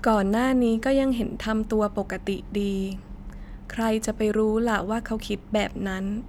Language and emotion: Thai, neutral